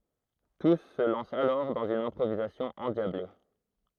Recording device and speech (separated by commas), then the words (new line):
throat microphone, read sentence
Tous se lancent alors dans une improvisation endiablée.